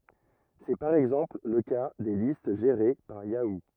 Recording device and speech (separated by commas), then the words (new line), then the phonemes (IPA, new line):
rigid in-ear microphone, read sentence
C'est par exemple le cas des listes gérées par Yahoo!
sɛ paʁ ɛɡzɑ̃pl lə ka de list ʒeʁe paʁ jau